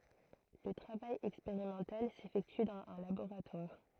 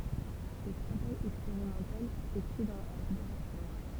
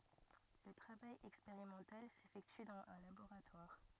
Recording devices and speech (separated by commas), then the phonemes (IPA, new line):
throat microphone, temple vibration pickup, rigid in-ear microphone, read sentence
lə tʁavaj ɛkspeʁimɑ̃tal sefɛkty dɑ̃z œ̃ laboʁatwaʁ